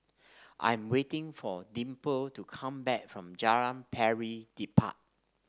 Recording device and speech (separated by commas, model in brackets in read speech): standing microphone (AKG C214), read sentence